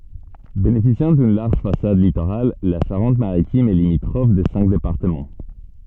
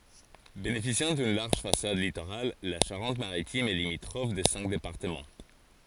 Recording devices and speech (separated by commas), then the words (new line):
soft in-ear microphone, forehead accelerometer, read sentence
Bénéficiant d'une large façade littorale, la Charente-Maritime est limitrophe de cinq départements.